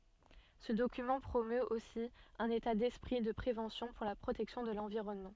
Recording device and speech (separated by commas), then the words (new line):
soft in-ear microphone, read sentence
Ce document promeut aussi un état d’esprit de prévention pour la protection de l'environnement.